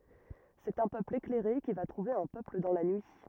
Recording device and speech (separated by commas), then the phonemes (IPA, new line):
rigid in-ear microphone, read sentence
sɛt œ̃ pøpl eklɛʁe ki va tʁuve œ̃ pøpl dɑ̃ la nyi